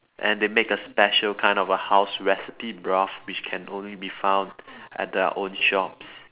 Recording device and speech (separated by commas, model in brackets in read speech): telephone, conversation in separate rooms